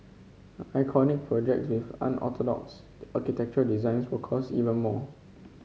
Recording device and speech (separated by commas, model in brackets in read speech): mobile phone (Samsung C5), read sentence